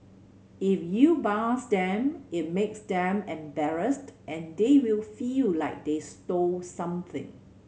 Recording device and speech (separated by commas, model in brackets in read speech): mobile phone (Samsung C7100), read sentence